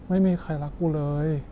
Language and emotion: Thai, sad